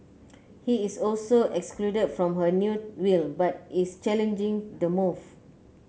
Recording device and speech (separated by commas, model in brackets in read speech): mobile phone (Samsung C9), read sentence